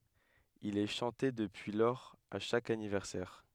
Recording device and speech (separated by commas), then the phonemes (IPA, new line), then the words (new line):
headset microphone, read sentence
il ɛ ʃɑ̃te dəpyi lɔʁz a ʃak anivɛʁsɛʁ
Il est chanté depuis lors à chaque anniversaire.